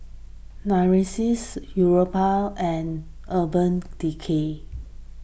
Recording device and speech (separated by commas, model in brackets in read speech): boundary microphone (BM630), read sentence